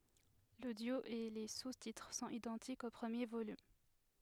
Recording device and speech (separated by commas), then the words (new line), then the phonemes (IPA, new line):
headset microphone, read sentence
L'audio et les sous-titres sont identiques au premier volume.
lodjo e le sustitʁ sɔ̃t idɑ̃tikz o pʁəmje volym